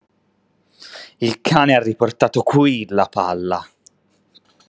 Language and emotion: Italian, angry